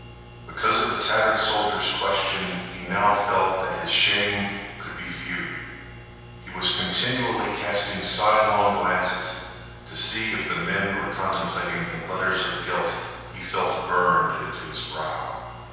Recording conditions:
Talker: one person; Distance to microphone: 7.1 m; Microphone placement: far; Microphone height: 1.7 m; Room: very reverberant, large; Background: none

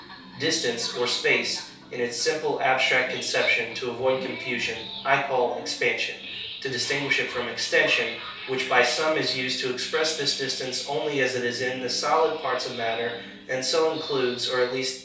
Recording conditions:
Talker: one person; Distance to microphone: 3.0 m; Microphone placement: far; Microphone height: 1.8 m; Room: small (3.7 m by 2.7 m); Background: television

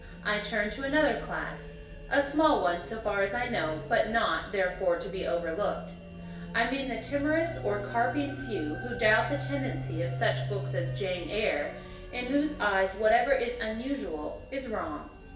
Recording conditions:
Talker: one person; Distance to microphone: 1.8 m; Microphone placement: close; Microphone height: 1.0 m; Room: large; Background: music

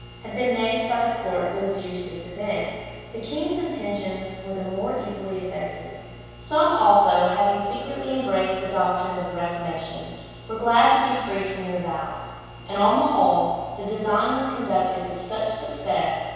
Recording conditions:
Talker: one person; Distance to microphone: 7.1 m; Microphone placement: far; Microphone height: 1.7 m; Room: very reverberant, large; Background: none

